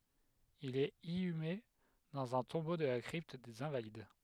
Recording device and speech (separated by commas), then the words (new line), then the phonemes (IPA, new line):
headset microphone, read sentence
Il est inhumé dans un tombeau de la Crypte des Invalides.
il ɛt inyme dɑ̃z œ̃ tɔ̃bo də la kʁipt dez ɛ̃valid